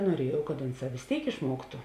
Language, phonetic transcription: Lithuanian, nuoˈriejau kad ˈunˌsā vis ˈtėik išˈmuoktu

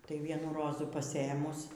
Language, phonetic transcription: Lithuanian, ˈtai ˈvienų ˈrozų paˈsėmus

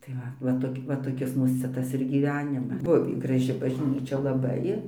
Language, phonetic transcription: Lithuanian, tai ˈva va toˈki va toˈkis ˈmūs ˈcia ˈtas ir gyˈvenima ˈbuvį graˈži bažˈnyčia laˈbai

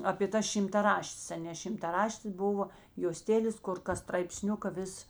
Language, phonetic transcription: Lithuanian, apė ta šimtaˈraštės aˈnė šimtaˈraštės ˈbuvo joˈstelės ˈkur kas straipˈsniuka ˈvis

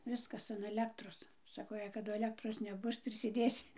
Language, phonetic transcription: Lithuanian, ˈviskas an aˈlektros ˈsako jei kaˈdu aˈlektros neˈbus tai ir sėˈdėsi

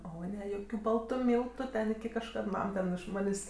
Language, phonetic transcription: Lithuanian, ˈo ˈne ˈjokiu ˈbaltu ˈmyltu ˈten kažˈkad ˈmam ten iš ˈmanės'

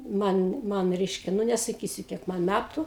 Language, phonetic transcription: Lithuanian, ˈman ˈman ˈreiškia ˈnu nesaˈkysiu ˈkiek ˈman ˈmætu

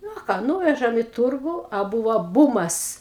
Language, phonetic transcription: Lithuanian, ˈnu a ˈką ˈnūvežam i ˈturgu a ˈbūva ˈbūmas

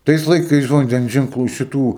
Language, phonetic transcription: Lithuanian, ˈtais laiˈkais vanˈdens ženkˈlų šiˈtų

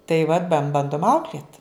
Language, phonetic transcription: Lithuanian, tai vat ban ˈbandum ˈauklėt

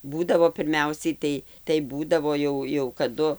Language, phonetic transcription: Lithuanian, ˈbūdavo pirˈmiausiai ˈtai tai ˈbūdavo jau jau kaˈdu

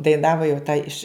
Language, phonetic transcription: Lithuanian, daiˈnavo jau ta iš

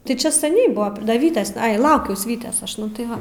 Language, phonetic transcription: Lithuanian, tai ˈčia saˈniai ˈbuvo ˈda ˈvytės ˈai ˈlaukiaus ˈvytės ˈaš ˈnu tai ˈva

